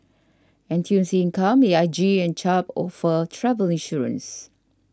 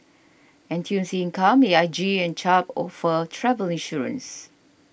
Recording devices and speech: standing microphone (AKG C214), boundary microphone (BM630), read sentence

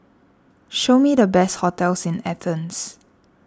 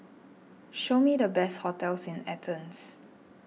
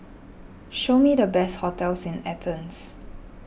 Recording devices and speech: standing microphone (AKG C214), mobile phone (iPhone 6), boundary microphone (BM630), read sentence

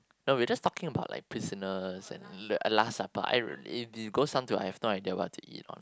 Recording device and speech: close-talking microphone, conversation in the same room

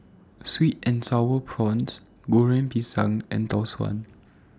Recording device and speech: standing microphone (AKG C214), read sentence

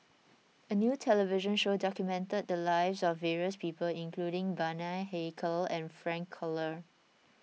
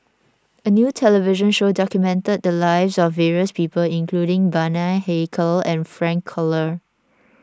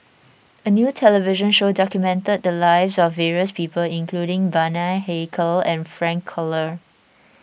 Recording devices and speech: mobile phone (iPhone 6), standing microphone (AKG C214), boundary microphone (BM630), read sentence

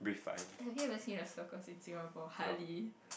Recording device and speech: boundary microphone, conversation in the same room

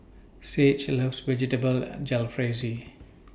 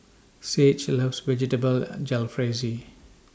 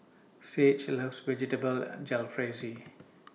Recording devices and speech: boundary microphone (BM630), standing microphone (AKG C214), mobile phone (iPhone 6), read sentence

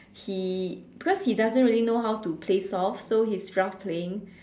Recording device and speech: standing microphone, conversation in separate rooms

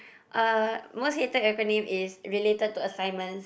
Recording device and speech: boundary microphone, conversation in the same room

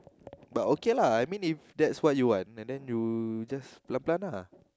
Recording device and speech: close-talking microphone, conversation in the same room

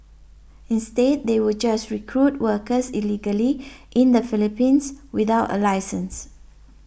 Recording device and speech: boundary microphone (BM630), read sentence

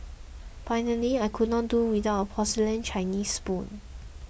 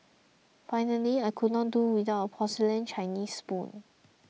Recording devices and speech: boundary microphone (BM630), mobile phone (iPhone 6), read sentence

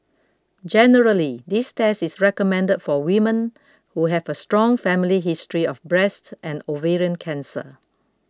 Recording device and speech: close-talking microphone (WH20), read sentence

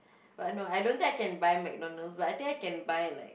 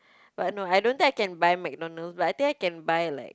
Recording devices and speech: boundary microphone, close-talking microphone, conversation in the same room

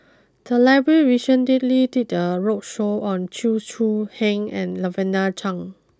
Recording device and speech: close-talking microphone (WH20), read sentence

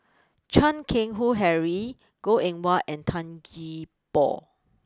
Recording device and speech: close-talking microphone (WH20), read sentence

